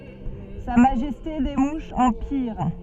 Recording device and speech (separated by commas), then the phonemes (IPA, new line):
soft in-ear microphone, read sentence
sa maʒɛste de muʃz ɑ̃ piʁ